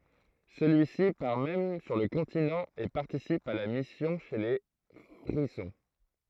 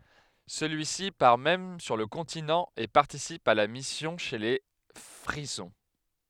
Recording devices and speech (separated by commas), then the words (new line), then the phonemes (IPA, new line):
throat microphone, headset microphone, read sentence
Celui-ci part même sur le continent et participe à la mission chez les Frisons.
səlyisi paʁ mɛm syʁ lə kɔ̃tinɑ̃ e paʁtisip a la misjɔ̃ ʃe le fʁizɔ̃